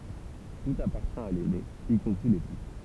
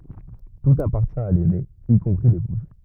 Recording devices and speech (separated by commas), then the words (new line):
temple vibration pickup, rigid in-ear microphone, read sentence
Tout appartient à l'aîné, y compris l'épouse.